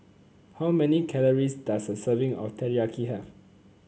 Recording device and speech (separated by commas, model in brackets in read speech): mobile phone (Samsung C9), read sentence